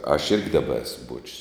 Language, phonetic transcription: Lithuanian, aš ˈirgi ˈdaba ˈesu ˈbuočius

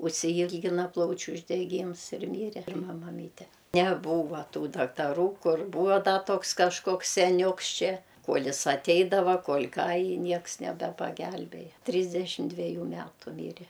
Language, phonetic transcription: Lithuanian, užsiˈylgina ˈplaučiu uždeˈgyms ir ˈmyre pirˈma maˈmyte neˈbūva ˈtų daktaˈrų ˈkur ˈbūvo ˈda ˈtoks kažˈkoks seˈniūks ˈčia ˈkuol' ˈis aˈteidava kuol' ˈką i ˈnieks nebepaˈgelbėja ˈtrysdešim dveˈjų ˈmetu ˈmyre

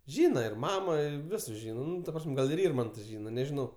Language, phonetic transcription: Lithuanian, ˈžyna ir ˈmamo i ˈvisus ˈžyna ˈnu ta ˈpras'm' ˈgal ir ˈirmanto ˈžyna nežiˈnau

